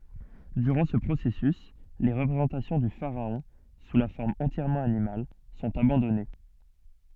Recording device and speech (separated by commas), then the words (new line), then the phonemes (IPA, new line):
soft in-ear microphone, read sentence
Durant ce processus, les représentations du pharaon sous la forme entièrement animale sont abandonnées.
dyʁɑ̃ sə pʁosɛsys le ʁəpʁezɑ̃tasjɔ̃ dy faʁaɔ̃ su la fɔʁm ɑ̃tjɛʁmɑ̃ animal sɔ̃t abɑ̃dɔne